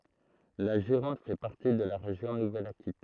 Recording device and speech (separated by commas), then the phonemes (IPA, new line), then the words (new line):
throat microphone, read sentence
la ʒiʁɔ̃d fɛ paʁti də la ʁeʒjɔ̃ nuvɛl akitɛn
La Gironde fait partie de la région Nouvelle-Aquitaine.